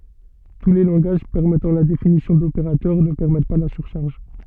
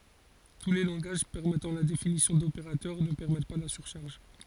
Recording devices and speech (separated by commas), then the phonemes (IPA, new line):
soft in-ear microphone, forehead accelerometer, read sentence
tu le lɑ̃ɡaʒ pɛʁmɛtɑ̃ la definisjɔ̃ dopeʁatœʁ nə pɛʁmɛt pa la syʁʃaʁʒ